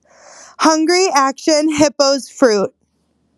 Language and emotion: English, sad